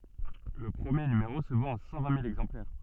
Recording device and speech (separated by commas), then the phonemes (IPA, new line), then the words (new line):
soft in-ear microphone, read sentence
lə pʁəmje nymeʁo sə vɑ̃t a sɑ̃ vɛ̃ mil ɛɡzɑ̃plɛʁ
Le premier numéro se vend à cent vingt mille exemplaires.